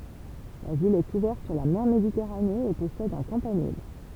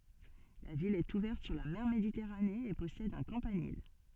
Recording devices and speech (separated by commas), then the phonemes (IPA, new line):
temple vibration pickup, soft in-ear microphone, read sentence
la vil ɛt uvɛʁt syʁ la mɛʁ meditɛʁane e pɔsɛd œ̃ kɑ̃panil